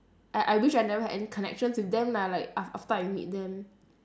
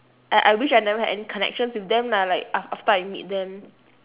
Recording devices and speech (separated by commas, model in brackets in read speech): standing microphone, telephone, conversation in separate rooms